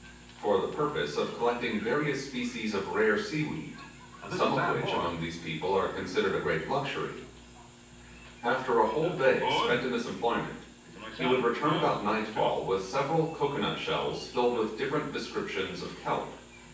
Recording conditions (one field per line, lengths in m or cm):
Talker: one person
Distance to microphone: 9.8 m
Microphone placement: far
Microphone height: 1.8 m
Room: large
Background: television